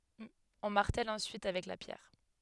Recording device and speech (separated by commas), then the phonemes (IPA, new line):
headset microphone, read sentence
ɔ̃ maʁtɛl ɑ̃syit avɛk la pjɛʁ